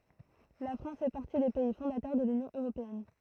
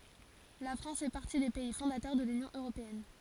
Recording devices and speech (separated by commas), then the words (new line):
throat microphone, forehead accelerometer, read sentence
La France fait partie des pays fondateurs de l'Union européenne.